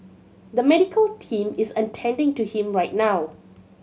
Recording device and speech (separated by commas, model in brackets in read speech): mobile phone (Samsung C7100), read sentence